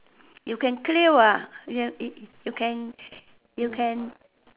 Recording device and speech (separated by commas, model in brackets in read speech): telephone, conversation in separate rooms